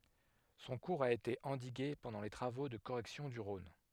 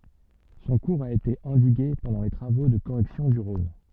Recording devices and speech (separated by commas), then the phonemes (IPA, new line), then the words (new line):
headset microphone, soft in-ear microphone, read sentence
sɔ̃ kuʁz a ete ɑ̃diɡe pɑ̃dɑ̃ le tʁavo də koʁɛksjɔ̃ dy ʁɔ̃n
Son cours a été endigué pendant les travaux de correction du Rhône.